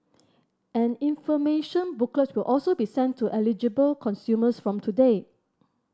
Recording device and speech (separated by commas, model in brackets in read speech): standing microphone (AKG C214), read sentence